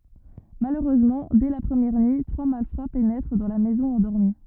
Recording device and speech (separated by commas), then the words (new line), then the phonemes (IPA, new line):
rigid in-ear microphone, read sentence
Malheureusement, dès la première nuit, trois malfrats pénètrent dans la maison endormie.
maløʁøzmɑ̃ dɛ la pʁəmjɛʁ nyi tʁwa malfʁa penɛtʁ dɑ̃ la mɛzɔ̃ ɑ̃dɔʁmi